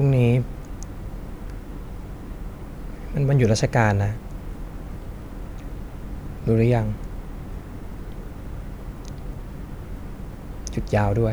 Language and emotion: Thai, frustrated